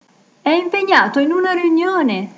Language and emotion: Italian, happy